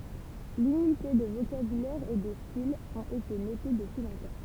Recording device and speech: temple vibration pickup, read sentence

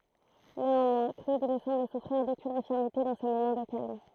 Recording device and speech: throat microphone, read sentence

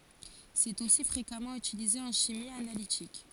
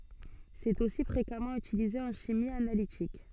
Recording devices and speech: forehead accelerometer, soft in-ear microphone, read sentence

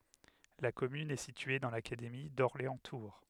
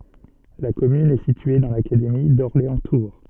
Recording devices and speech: headset microphone, soft in-ear microphone, read sentence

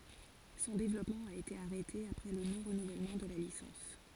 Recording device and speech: forehead accelerometer, read sentence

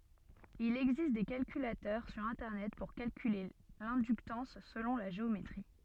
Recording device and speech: soft in-ear microphone, read sentence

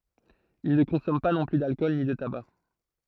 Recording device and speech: throat microphone, read sentence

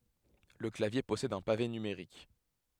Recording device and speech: headset microphone, read sentence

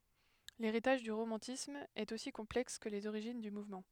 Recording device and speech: headset microphone, read sentence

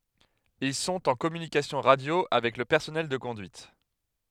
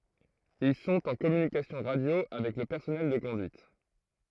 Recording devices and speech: headset microphone, throat microphone, read sentence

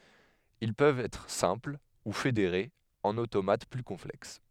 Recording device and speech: headset microphone, read sentence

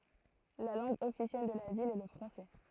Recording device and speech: throat microphone, read sentence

